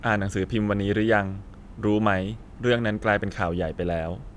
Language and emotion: Thai, neutral